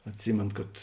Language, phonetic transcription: Lithuanian, atˈsymėn kad

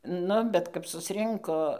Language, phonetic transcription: Lithuanian, ˈnu ˈbet kap susˈrinko

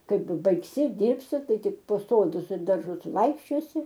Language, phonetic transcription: Lithuanian, ˈkaip baigˈsi ˈdyrbsi ˈtai ˈtik po ˈsodus ir darˈžus ˈvaikščiosi

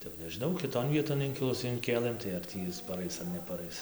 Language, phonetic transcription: Lithuanian, tai jau nežiˈnau kiˈton ˈvieton ˈinkilus inˈkėlɘm tai ar ˈtį is paˈrais ar nepaˈrais

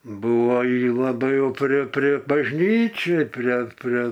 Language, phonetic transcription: Lithuanian, ˈbuvo ˈji laˈbai ˈjau prie prie bažˈnyčiai prie ˈpre

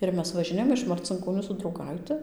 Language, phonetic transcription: Lithuanian, ˈir mes važiˈnėjom iš marcinkoˈnių su drauˈgaiti

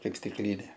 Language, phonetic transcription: Lithuanian, ˈkaip stikˈlynė

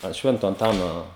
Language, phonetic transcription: Lithuanian, ant ˈšvento anˈtano

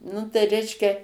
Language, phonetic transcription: Lithuanian, nu tai ˈreiškia

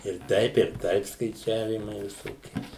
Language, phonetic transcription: Lithuanian, ir ˈtaip ir ˈtaip skaiˈčiavymai viˈsokie

